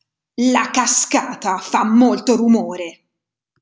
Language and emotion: Italian, angry